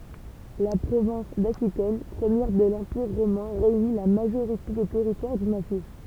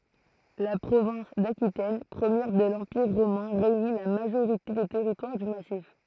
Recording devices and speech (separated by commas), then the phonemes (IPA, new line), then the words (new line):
temple vibration pickup, throat microphone, read sentence
la pʁovɛ̃s dakitɛn pʁəmjɛʁ də lɑ̃piʁ ʁomɛ̃ ʁeyni la maʒoʁite de tɛʁitwaʁ dy masif
La province d'Aquitaine première de l'Empire romain réunit la majorité des territoires du massif.